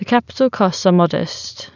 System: none